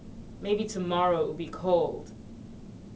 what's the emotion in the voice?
neutral